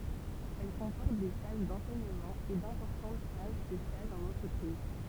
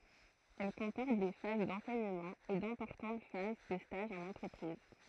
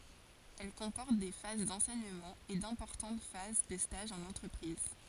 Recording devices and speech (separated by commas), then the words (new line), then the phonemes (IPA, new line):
temple vibration pickup, throat microphone, forehead accelerometer, read sentence
Elle comporte des phases d'enseignement et d'importantes phases de stages en entreprise.
ɛl kɔ̃pɔʁt de faz dɑ̃sɛɲəmɑ̃ e dɛ̃pɔʁtɑ̃t faz də staʒz ɑ̃n ɑ̃tʁəpʁiz